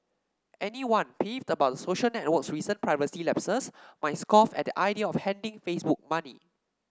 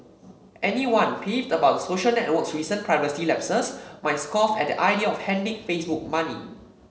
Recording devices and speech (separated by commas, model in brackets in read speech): standing microphone (AKG C214), mobile phone (Samsung C7), read sentence